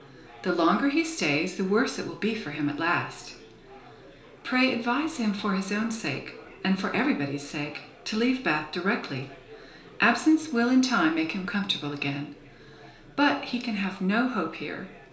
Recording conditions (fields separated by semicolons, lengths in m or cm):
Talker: one person; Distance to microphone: 1.0 m; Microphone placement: close; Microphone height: 1.1 m; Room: small (3.7 m by 2.7 m); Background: babble